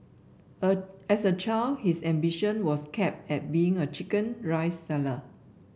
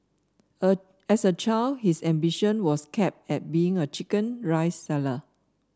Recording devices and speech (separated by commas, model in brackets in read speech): boundary microphone (BM630), standing microphone (AKG C214), read sentence